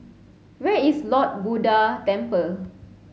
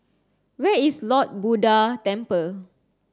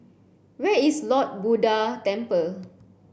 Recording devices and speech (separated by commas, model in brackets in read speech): mobile phone (Samsung C7), standing microphone (AKG C214), boundary microphone (BM630), read sentence